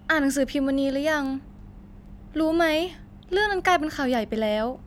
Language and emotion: Thai, sad